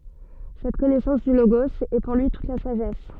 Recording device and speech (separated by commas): soft in-ear microphone, read sentence